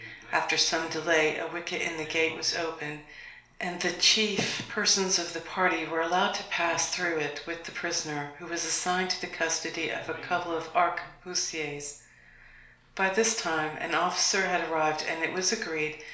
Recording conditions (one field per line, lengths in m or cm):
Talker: one person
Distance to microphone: 1.0 m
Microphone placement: close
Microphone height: 1.1 m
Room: small (3.7 m by 2.7 m)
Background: television